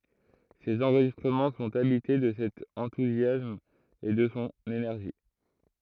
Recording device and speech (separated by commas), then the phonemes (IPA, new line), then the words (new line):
throat microphone, read sentence
sez ɑ̃ʁʒistʁəmɑ̃ sɔ̃t abite də sɛt ɑ̃tuzjasm e də sɔ̃ enɛʁʒi
Ses enregistrements sont habités de cet enthousiasme et de son énergie.